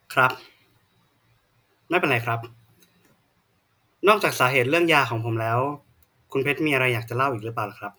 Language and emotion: Thai, neutral